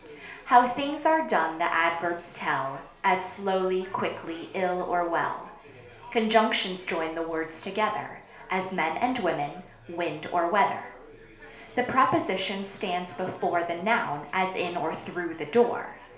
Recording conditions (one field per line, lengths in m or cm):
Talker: one person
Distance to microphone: 1.0 m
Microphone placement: close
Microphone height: 1.1 m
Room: small (3.7 m by 2.7 m)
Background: babble